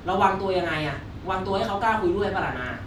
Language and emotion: Thai, frustrated